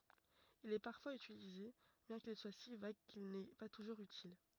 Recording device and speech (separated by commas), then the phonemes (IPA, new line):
rigid in-ear microphone, read sentence
il ɛ paʁfwaz ytilize bjɛ̃ kil swa si vaɡ kil nɛ pa tuʒuʁz ytil